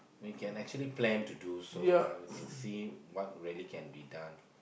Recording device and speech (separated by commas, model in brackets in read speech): boundary microphone, conversation in the same room